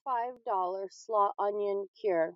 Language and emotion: English, sad